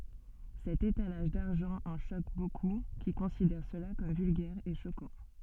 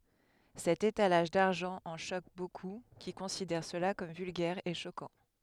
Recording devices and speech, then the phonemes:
soft in-ear microphone, headset microphone, read sentence
sɛt etalaʒ daʁʒɑ̃ ɑ̃ ʃok boku ki kɔ̃sidɛʁ səla kɔm vylɡɛʁ e ʃokɑ̃

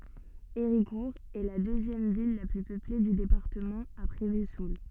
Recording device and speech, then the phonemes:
soft in-ear microphone, read sentence
eʁikuʁ ɛ la døzjɛm vil la ply pøple dy depaʁtəmɑ̃ apʁɛ vəzul

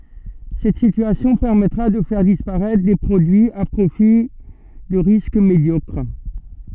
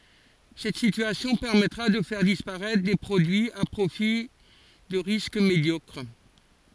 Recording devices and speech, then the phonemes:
soft in-ear microphone, forehead accelerometer, read sentence
sɛt sityasjɔ̃ pɛʁmɛtʁa də fɛʁ dispaʁɛtʁ de pʁodyiz a pʁofil də ʁisk medjɔkʁ

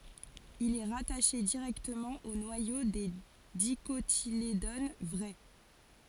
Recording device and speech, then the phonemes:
forehead accelerometer, read sentence
il ɛ ʁataʃe diʁɛktəmɑ̃ o nwajo de dikotiledon vʁɛ

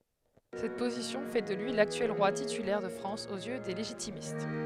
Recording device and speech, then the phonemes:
headset microphone, read sentence
sɛt pozisjɔ̃ fɛ də lyi laktyɛl ʁwa titylɛʁ də fʁɑ̃s oz jø de leʒitimist

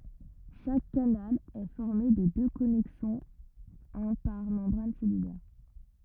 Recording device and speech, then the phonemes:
rigid in-ear microphone, read sentence
ʃak kanal ɛ fɔʁme də dø kɔnɛksɔ̃z œ̃ paʁ mɑ̃bʁan sɛlylɛʁ

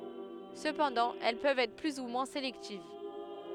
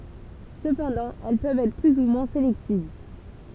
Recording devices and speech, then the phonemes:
headset microphone, temple vibration pickup, read sentence
səpɑ̃dɑ̃ ɛl pøvt ɛtʁ ply u mwɛ̃ selɛktiv

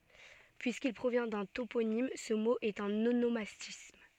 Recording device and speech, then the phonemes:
soft in-ear microphone, read sentence
pyiskil pʁovjɛ̃ dœ̃ toponim sə mo ɛt œ̃n onomastism

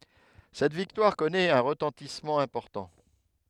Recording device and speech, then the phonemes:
headset microphone, read sentence
sɛt viktwaʁ kɔnɛt œ̃ ʁətɑ̃tismɑ̃ ɛ̃pɔʁtɑ̃

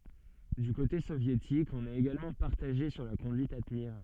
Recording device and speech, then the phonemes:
soft in-ear microphone, read sentence
dy kote sovjetik ɔ̃n ɛt eɡalmɑ̃ paʁtaʒe syʁ la kɔ̃dyit a təniʁ

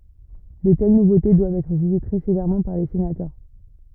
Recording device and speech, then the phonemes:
rigid in-ear microphone, read sentence
də tɛl nuvote dwavt ɛtʁ ʒyʒe tʁɛ sevɛʁmɑ̃ paʁ le senatœʁ

